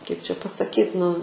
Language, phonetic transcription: Lithuanian, kaip čia pasaˈkyt nu

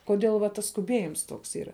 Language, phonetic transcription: Lithuanian, koˈdėl va ˈtas skuˈbiejims ˈtoks ˈyra

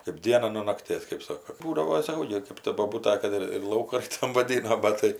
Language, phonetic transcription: Lithuanian, kaip ˈdiena nuo nakˈtės kɜp ˈsoko ˈbūdavo saˈkau gi kɜp ta boˈbūta ˈkad ir ir ˈlaukan ˈtam vaˈdyno ˈbat tai

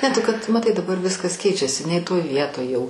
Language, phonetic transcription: Lithuanian, ne tu kad maˈtai daˈbar ˈviskas ˈkeičiasi nei toj ˈvietoj jau

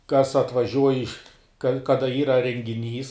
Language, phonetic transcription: Lithuanian, kas atvaˈžiuoj iš ka ˈkada ˈyra rengiˈnys

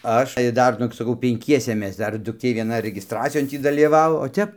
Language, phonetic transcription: Lithuanian, ˈaš ir ˈdar ˈnugi saˈkau penˈkiese ˈmes ˈdar dukˈtė vieˈna regisˈtracijon ˈtį dalyˈvavo o ˈtep

